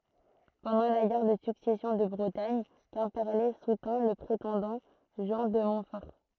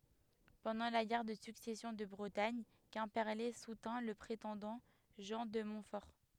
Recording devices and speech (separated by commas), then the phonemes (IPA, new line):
throat microphone, headset microphone, read sentence
pɑ̃dɑ̃ la ɡɛʁ də syksɛsjɔ̃ də bʁətaɲ kɛ̃pɛʁle sutɛ̃ lə pʁetɑ̃dɑ̃ ʒɑ̃ də mɔ̃tfɔʁ